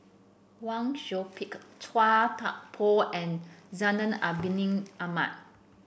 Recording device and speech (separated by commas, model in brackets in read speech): boundary microphone (BM630), read sentence